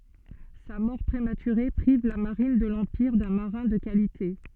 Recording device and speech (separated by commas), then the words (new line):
soft in-ear microphone, read sentence
Sa mort prématurée prive la marine de l’Empire d'un marin de qualité.